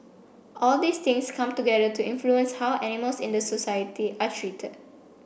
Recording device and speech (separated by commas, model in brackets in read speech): boundary microphone (BM630), read sentence